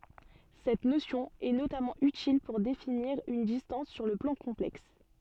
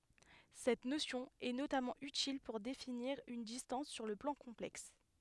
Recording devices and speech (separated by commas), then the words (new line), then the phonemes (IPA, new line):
soft in-ear microphone, headset microphone, read sentence
Cette notion est notamment utile pour définir une distance sur le plan complexe.
sɛt nosjɔ̃ ɛ notamɑ̃ ytil puʁ definiʁ yn distɑ̃s syʁ lə plɑ̃ kɔ̃plɛks